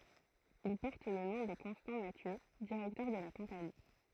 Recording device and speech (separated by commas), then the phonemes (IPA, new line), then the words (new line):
throat microphone, read sentence
il pɔʁt lə nɔ̃ də kɔ̃stɑ̃ masjø diʁɛktœʁ də la kɔ̃pani
Il porte le nom de Constant Mathieu, directeur de la Compagnie.